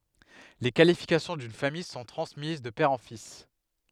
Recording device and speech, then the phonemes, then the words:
headset microphone, read sentence
le kalifikasjɔ̃ dyn famij sɔ̃ tʁɑ̃smiz də pɛʁ ɑ̃ fis
Les qualifications d'une famille sont transmises de père en fils.

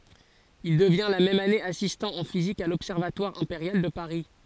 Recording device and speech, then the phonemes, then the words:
forehead accelerometer, read sentence
il dəvjɛ̃ la mɛm ane asistɑ̃ ɑ̃ fizik a lɔbsɛʁvatwaʁ ɛ̃peʁjal də paʁi
Il devient la même année assistant en physique à l'Observatoire impérial de Paris.

